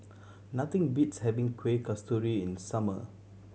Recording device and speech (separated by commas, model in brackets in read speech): mobile phone (Samsung C7100), read sentence